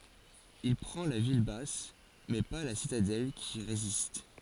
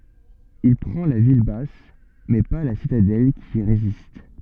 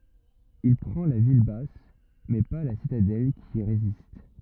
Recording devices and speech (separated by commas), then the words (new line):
forehead accelerometer, soft in-ear microphone, rigid in-ear microphone, read sentence
Il prend la ville basse, mais pas la citadelle qui résiste.